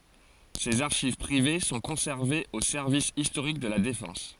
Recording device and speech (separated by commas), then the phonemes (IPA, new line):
forehead accelerometer, read sentence
sez aʁʃiv pʁive sɔ̃ kɔ̃sɛʁvez o sɛʁvis istoʁik də la defɑ̃s